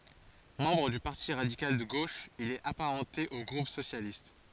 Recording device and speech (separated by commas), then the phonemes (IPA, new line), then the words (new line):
forehead accelerometer, read sentence
mɑ̃bʁ dy paʁti ʁadikal də ɡoʃ il ɛt apaʁɑ̃te o ɡʁup sosjalist
Membre du Parti radical de gauche, il est apparenté au groupe socialiste.